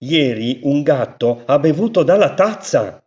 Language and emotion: Italian, surprised